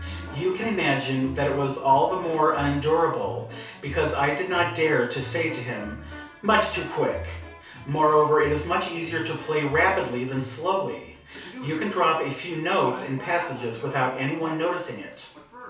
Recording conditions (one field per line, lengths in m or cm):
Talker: one person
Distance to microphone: 3.0 m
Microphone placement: far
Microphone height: 1.8 m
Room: small (3.7 m by 2.7 m)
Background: television